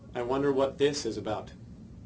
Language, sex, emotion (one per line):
English
male
neutral